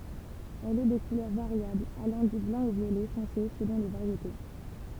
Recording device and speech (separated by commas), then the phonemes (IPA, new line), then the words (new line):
temple vibration pickup, read sentence
ɛl ɛ də kulœʁ vaʁjabl alɑ̃ dy blɑ̃ o vjolɛ fɔ̃se səlɔ̃ le vaʁjete
Elle est de couleur variable, allant du blanc au violet foncé selon les variétés.